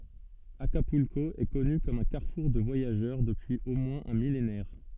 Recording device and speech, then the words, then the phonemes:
soft in-ear microphone, read sentence
Acapulco est connu comme un carrefour de voyageurs depuis au moins un millénaire.
akapylko ɛ kɔny kɔm œ̃ kaʁfuʁ də vwajaʒœʁ dəpyiz o mwɛ̃z œ̃ milenɛʁ

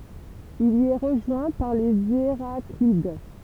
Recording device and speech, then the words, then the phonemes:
temple vibration pickup, read sentence
Il y est rejoint par les Héraclides.
il i ɛ ʁəʒwɛ̃ paʁ lez eʁaklid

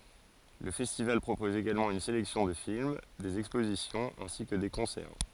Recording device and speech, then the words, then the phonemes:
forehead accelerometer, read sentence
Le festival propose également une sélection de films, des expositions ainsi que des concerts.
lə fɛstival pʁopɔz eɡalmɑ̃ yn selɛksjɔ̃ də film dez ɛkspozisjɔ̃z ɛ̃si kə de kɔ̃sɛʁ

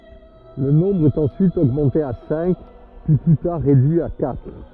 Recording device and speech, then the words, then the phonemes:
rigid in-ear microphone, read sentence
Le nombre est ensuite augmenté à cinq, puis plus tard réduit à quatre.
lə nɔ̃bʁ ɛt ɑ̃syit oɡmɑ̃te a sɛ̃k pyi ply taʁ ʁedyi a katʁ

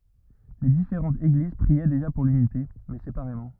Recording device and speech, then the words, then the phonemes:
rigid in-ear microphone, read sentence
Les différentes Églises priaient déjà pour l'unité, mais séparément.
le difeʁɑ̃tz eɡliz pʁiɛ deʒa puʁ lynite mɛ sepaʁemɑ̃

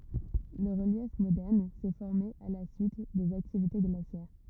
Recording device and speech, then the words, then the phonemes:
rigid in-ear microphone, read sentence
Le relief moderne s'est formé à la suite des activités glaciaires.
lə ʁəljɛf modɛʁn sɛ fɔʁme a la syit dez aktivite ɡlasjɛʁ

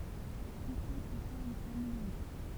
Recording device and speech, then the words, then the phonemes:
temple vibration pickup, read sentence
Dix siècles forment un millénaire.
di sjɛkl fɔʁmt œ̃ milenɛʁ

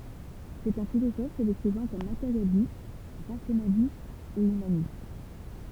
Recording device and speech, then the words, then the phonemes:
temple vibration pickup, read sentence
C'est un philosophe se décrivant comme matérialiste, rationaliste et humaniste.
sɛt œ̃ filozɔf sə dekʁivɑ̃ kɔm mateʁjalist ʁasjonalist e ymanist

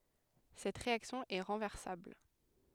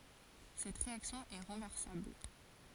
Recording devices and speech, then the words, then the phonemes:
headset microphone, forehead accelerometer, read sentence
Cette réaction est renversable.
sɛt ʁeaksjɔ̃ ɛ ʁɑ̃vɛʁsabl

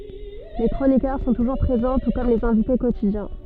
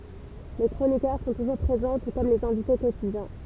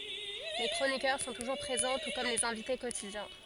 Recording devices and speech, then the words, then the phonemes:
soft in-ear microphone, temple vibration pickup, forehead accelerometer, read sentence
Les chroniqueurs sont toujours présents, tout comme les invités quotidiens.
le kʁonikœʁ sɔ̃ tuʒuʁ pʁezɑ̃ tu kɔm lez ɛ̃vite kotidjɛ̃

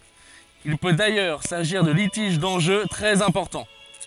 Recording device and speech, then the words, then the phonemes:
forehead accelerometer, read sentence
Il peut d'ailleurs s'agir de litiges d'enjeux très importants.
il pø dajœʁ saʒiʁ də litiʒ dɑ̃ʒø tʁɛz ɛ̃pɔʁtɑ̃

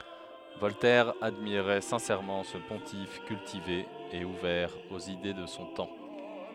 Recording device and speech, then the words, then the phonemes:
headset microphone, read sentence
Voltaire admirait sincèrement ce pontife cultivé et ouvert aux idées de son temps.
vɔltɛʁ admiʁɛ sɛ̃sɛʁmɑ̃ sə pɔ̃tif kyltive e uvɛʁ oz ide də sɔ̃ tɑ̃

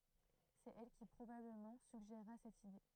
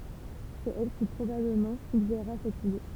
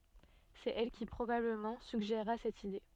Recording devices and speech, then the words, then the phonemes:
throat microphone, temple vibration pickup, soft in-ear microphone, read sentence
C'est elle qui, probablement, suggéra cette idée.
sɛt ɛl ki pʁobabləmɑ̃ syɡʒeʁa sɛt ide

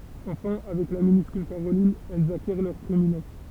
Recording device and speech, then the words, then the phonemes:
temple vibration pickup, read sentence
Enfin, avec la minuscule caroline, elles acquièrent leur prééminence.
ɑ̃fɛ̃ avɛk la minyskyl kaʁolin ɛlz akjɛʁ lœʁ pʁeeminɑ̃s

